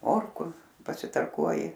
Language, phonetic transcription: Lithuanian, ˈmorku pasitarˈkuoji

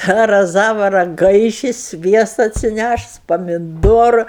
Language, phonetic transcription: Lithuanian, tą raˈzava raˈgaiši ˈsviesta atsiˈnæšus pamiˈdoru

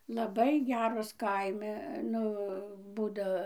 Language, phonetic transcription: Lithuanian, laˈbai ˈgeros ˈkaimi ˈnu ˈbūdo

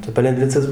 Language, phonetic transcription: Lithuanian, tai palenˈdvicas paˈlikdavo ˈbet gaˈlus atˈpjaudavo

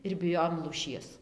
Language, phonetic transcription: Lithuanian, ir biˈjojom lūˈšies

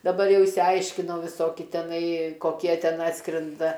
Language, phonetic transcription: Lithuanian, daˈbar ˈjau išsiˈaiškinau viˈsoki teˈnai koˈkie ˈten ˈatskrenda

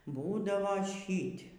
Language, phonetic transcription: Lithuanian, ˈbūdavo ˈšyt'

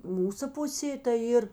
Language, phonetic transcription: Lithuanian, ˈmūsa ˈpusė tai ˈyr

